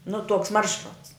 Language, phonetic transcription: Lithuanian, nu tuoks ˈmaršruts

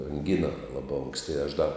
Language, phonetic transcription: Lithuanian, anˈgina ˈlaba ˈonksti aš da

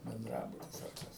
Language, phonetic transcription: Lithuanian, benˈdrabutis ar ˈkas

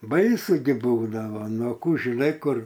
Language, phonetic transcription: Lithuanian, ˈbaisu gi ˈbūdavo ˈnu ˈkų žiˈnai ˈkur

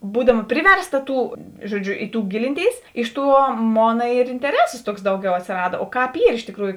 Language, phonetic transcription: Lithuanian, ˈbūdama ˈpriverˌsta ˈtų ˈžuoˌdžiu i tų ˈgilinˌtėis ˈiš ˌtuo ˈmona ir inteˈresos ˈtuoks ˈdauˌgiau atsėˈrada o ˈkāp ˈyr iš tiˈkrųju

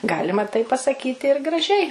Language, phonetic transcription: Lithuanian, ˈgalima tai pasaˈkyti ir graˈžiai

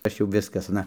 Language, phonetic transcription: Lithuanian, ˈaš jau ˈviskas aˈna

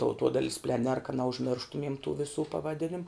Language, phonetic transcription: Lithuanian, tauˈtuodail's pleˈner ka neužˈmirštumiem tų viˈsų pavaˈdinim

